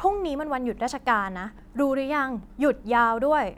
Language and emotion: Thai, frustrated